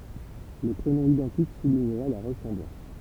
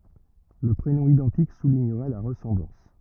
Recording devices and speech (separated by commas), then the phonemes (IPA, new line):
temple vibration pickup, rigid in-ear microphone, read sentence
lə pʁenɔ̃ idɑ̃tik suliɲəʁɛ la ʁəsɑ̃blɑ̃s